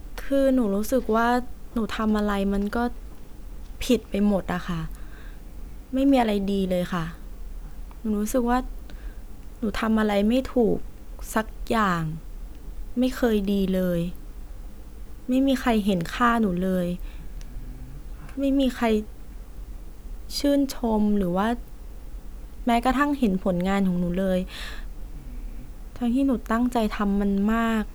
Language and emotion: Thai, sad